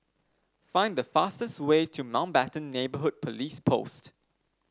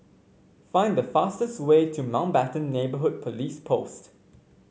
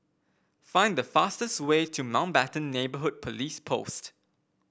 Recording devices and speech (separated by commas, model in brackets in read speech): standing microphone (AKG C214), mobile phone (Samsung C5), boundary microphone (BM630), read sentence